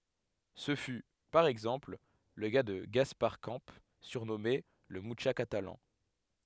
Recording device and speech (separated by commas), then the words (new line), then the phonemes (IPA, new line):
headset microphone, read sentence
Ce fut, par exemple, le cas de Gaspar Camps, surnommé le Mucha catalan.
sə fy paʁ ɛɡzɑ̃pl lə ka də ɡaspaʁ kɑ̃ syʁnɔme lə myʃa katalɑ̃